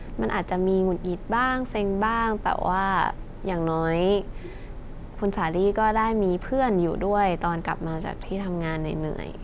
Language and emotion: Thai, neutral